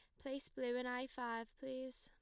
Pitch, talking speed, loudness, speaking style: 255 Hz, 200 wpm, -45 LUFS, plain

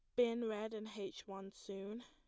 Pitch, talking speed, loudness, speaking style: 215 Hz, 195 wpm, -43 LUFS, plain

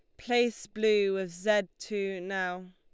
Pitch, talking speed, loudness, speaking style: 195 Hz, 145 wpm, -30 LUFS, Lombard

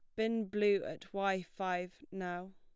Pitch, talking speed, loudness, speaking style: 190 Hz, 155 wpm, -37 LUFS, plain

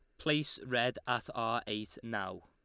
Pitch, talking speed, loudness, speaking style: 125 Hz, 160 wpm, -35 LUFS, Lombard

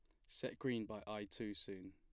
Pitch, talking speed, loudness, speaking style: 105 Hz, 220 wpm, -46 LUFS, plain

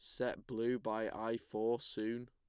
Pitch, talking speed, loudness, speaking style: 115 Hz, 170 wpm, -39 LUFS, plain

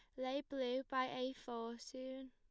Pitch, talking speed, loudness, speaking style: 260 Hz, 170 wpm, -44 LUFS, plain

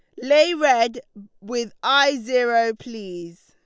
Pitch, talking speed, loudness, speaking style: 235 Hz, 110 wpm, -20 LUFS, Lombard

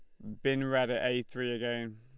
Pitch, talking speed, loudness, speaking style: 125 Hz, 240 wpm, -32 LUFS, Lombard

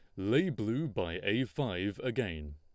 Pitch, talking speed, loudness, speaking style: 105 Hz, 155 wpm, -34 LUFS, Lombard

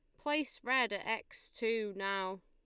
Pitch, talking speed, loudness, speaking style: 225 Hz, 160 wpm, -36 LUFS, Lombard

